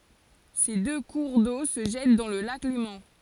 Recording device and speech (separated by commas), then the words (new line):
forehead accelerometer, read sentence
Ces deux cours d'eau se jettent dans le lac Léman.